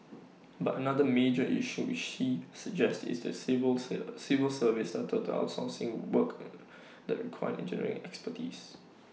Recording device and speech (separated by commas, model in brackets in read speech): mobile phone (iPhone 6), read sentence